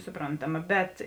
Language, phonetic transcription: Lithuanian, suˈprontaˌma bet

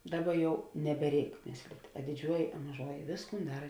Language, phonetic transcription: Lithuanian, ˈdaˌba ˈjau nebeˈreik ˈmėslit' a diˈdžiuoji a maˈžuoji ˈvėsˌkūn ˈdara

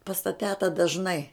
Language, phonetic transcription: Lithuanian, pas ta ˈteta dažˈnai

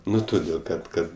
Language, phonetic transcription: Lithuanian, ˈnu toˈdėl kad ˈkad

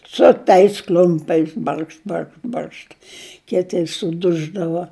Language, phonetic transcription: Lithuanian, su tais ˈkl'umpiais ˈbarkšt ˈbarkš ˈbaršt ˈkiti suˈduždava

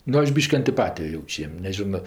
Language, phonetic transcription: Lithuanian, ˈnu ˈaš ˈbyški antiˈpatijo ˈjauč' ˈjiem neˈžino

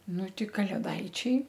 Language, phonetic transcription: Lithuanian, ˈnu ˈti kalėˈdaičiai

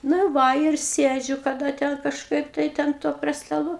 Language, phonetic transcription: Lithuanian, ˈna ir ˈva ir ˈsėdžiu kaˈda ˈten kažˈkaip tai ˈten to prie staˈlų

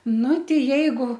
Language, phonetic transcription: Lithuanian, ˈnu ˈti ˈjeigu

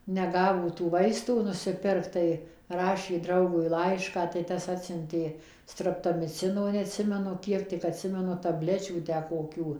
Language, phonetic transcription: Lithuanian, neˈgavo tų ˈvaistų nusiˈpirkt tai ˈrašė ˈdraugui ˈlaišką tai ˈtas ˈatsiuntė ˌstraptomiˈcino neatˈsimenu ˈkiek tik atˈsimenu taˈblečių tę koˈkių

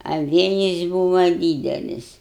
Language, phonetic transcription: Lithuanian, a ˈvėjis ˈbūva ˈdydelis

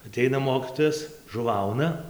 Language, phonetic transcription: Lithuanian, aˈteina ˈmokytojas žuˈvauna

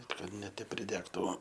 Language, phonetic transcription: Lithuanian, kad ne ˈtep priˈdegtu

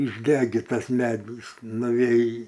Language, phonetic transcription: Lithuanian, išˈdegitas ˈmedys nuˈvėj

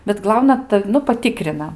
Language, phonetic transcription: Lithuanian, bet ˈglauna ˈtav' nu paˈtikrina

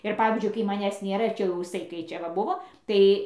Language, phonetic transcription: Lithuanian, ir ˈpavyzdžiui kai maˈnęs ˈnėra ir ˈčia jau iˈsai kai ˈčia va ˈbuvo ˈtai

